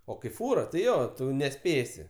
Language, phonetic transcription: Lithuanian, o kai ˈfūra tai ˈjo ˈtu neˈspėsi

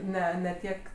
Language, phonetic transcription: Lithuanian, ˈne ne ˈtiek

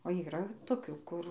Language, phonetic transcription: Lithuanian, o yˈra toˈkių ˈkur

